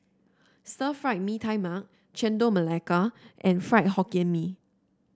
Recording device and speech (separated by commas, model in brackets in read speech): standing microphone (AKG C214), read sentence